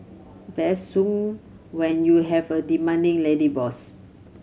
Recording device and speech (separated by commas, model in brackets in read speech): mobile phone (Samsung C7100), read sentence